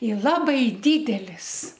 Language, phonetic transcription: Lithuanian, i ˈlabai ˈdydelis

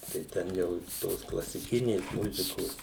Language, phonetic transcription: Lithuanian, tai ˈten jau ˈtos klasiˈkinės ˈmuzikos

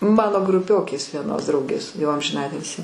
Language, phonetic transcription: Lithuanian, ˈmano gruˈpiokės vieˈnos ˈdraugės jau amžiˈnatilsį

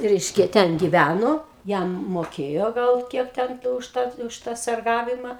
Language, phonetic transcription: Lithuanian, ˈreiškia ˈten giˈvæno ˈjam moˈkėjo ˈgal ˈkiek ˈten kai už ˈtą už ˈtą sarˈgavima

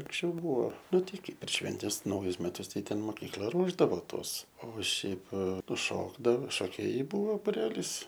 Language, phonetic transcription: Lithuanian, anksˈčiau ˈbuo ˈnu ˈtai ˈkai per ˈšventes ˈnaujus meˈtus ˈtai ˈten mokykˈla ˈruošdavo ˈtuos o ˈšiaip ˈnu ˈšokdavo šoˈkėjai ˈbuvo buˈrelys

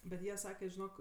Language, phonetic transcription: Lithuanian, bet ˈjie ˈsake žiˈnok

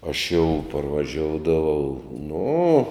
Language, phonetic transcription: Lithuanian, aš jau parvaˈžioudavau nu

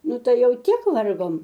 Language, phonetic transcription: Lithuanian, ˈnu ˈtai ˈjau ˈtiek ˈvargom

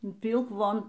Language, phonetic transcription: Lithuanian, y ˈpylk ˈvon

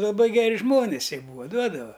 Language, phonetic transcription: Lithuanian, laˈbai geˈri ˈžmonis ˈjie ˈbūva ˈduodava

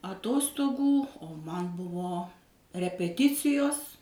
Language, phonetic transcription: Lithuanian, aˈtostogų o ˈman ˈbuvo repeˈticijos

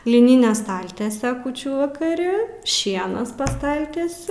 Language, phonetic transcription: Lithuanian, liˈnine ˈstaltiese ˈkūčių vakaˈri ˈšienas pa ˈstaltiesiu

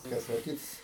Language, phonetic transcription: Lithuanian, ˈtas o ˈkits

